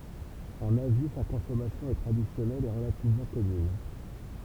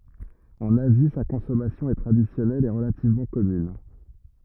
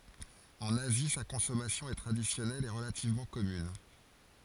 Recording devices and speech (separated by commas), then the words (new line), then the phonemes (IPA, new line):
temple vibration pickup, rigid in-ear microphone, forehead accelerometer, read sentence
En Asie, sa consommation est traditionnelle et relativement commune.
ɑ̃n azi sa kɔ̃sɔmasjɔ̃ ɛ tʁadisjɔnɛl e ʁəlativmɑ̃ kɔmyn